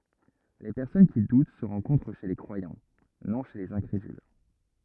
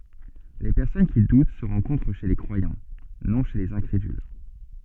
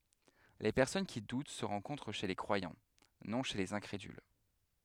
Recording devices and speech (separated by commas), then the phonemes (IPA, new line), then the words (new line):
rigid in-ear microphone, soft in-ear microphone, headset microphone, read sentence
le pɛʁsɔn ki dut sə ʁɑ̃kɔ̃tʁ ʃe le kʁwajɑ̃ nɔ̃ ʃe lez ɛ̃kʁedyl
Les personnes qui doutent se rencontrent chez les croyants, non chez les incrédules.